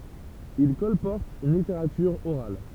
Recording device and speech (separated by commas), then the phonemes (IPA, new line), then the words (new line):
temple vibration pickup, read sentence
il kɔlpɔʁtt yn liteʁatyʁ oʁal
Ils colportent une littérature orale.